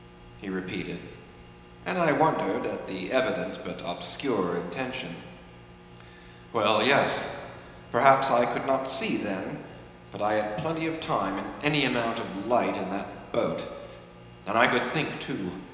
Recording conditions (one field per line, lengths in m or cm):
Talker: one person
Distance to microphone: 1.7 m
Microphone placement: close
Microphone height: 1.0 m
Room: very reverberant, large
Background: none